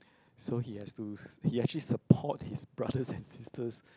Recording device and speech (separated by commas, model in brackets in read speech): close-talking microphone, conversation in the same room